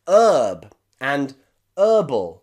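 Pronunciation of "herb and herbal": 'Herb' and 'herbal' are said the American way, with no h sound at the beginning of either word.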